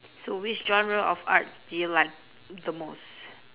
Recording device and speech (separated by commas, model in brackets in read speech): telephone, conversation in separate rooms